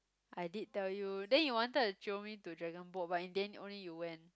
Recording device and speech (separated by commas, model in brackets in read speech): close-talking microphone, conversation in the same room